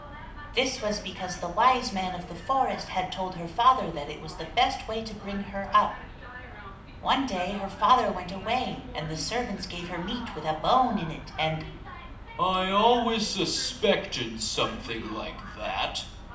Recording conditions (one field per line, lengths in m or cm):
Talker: one person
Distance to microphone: 2.0 m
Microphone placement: close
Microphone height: 99 cm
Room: medium-sized (5.7 m by 4.0 m)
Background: television